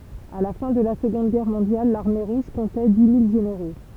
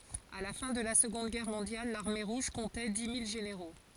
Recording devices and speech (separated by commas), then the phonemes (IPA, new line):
temple vibration pickup, forehead accelerometer, read sentence
a la fɛ̃ də la səɡɔ̃d ɡɛʁ mɔ̃djal laʁme ʁuʒ kɔ̃tɛ di mil ʒeneʁo